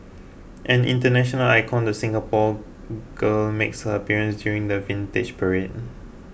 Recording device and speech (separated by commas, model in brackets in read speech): boundary microphone (BM630), read sentence